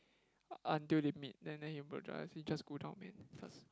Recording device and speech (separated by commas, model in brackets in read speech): close-talking microphone, conversation in the same room